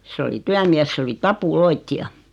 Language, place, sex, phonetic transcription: Finnish, Noormarkku, female, 'sᵉ oli 'tyämies 's ‿oli "tapu"loitti₍a .
- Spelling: se oli työmies se oli tapuloitsija

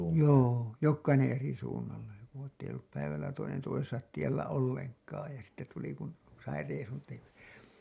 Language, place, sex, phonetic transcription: Finnish, Hailuoto, male, joo , "jokkainen̬ eri suunnalle , ettei ollup päivällä toinen toisesat tiellä 'olleŋk̀aaj ja sitte tuli kun , sai reisun teh[yksi] .
- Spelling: joo jokainen eri suunnalle että ei ollut päivällä toinen toisensa tiellä ollenkaan ja sitten tuli kun sai reissun tehdyksi

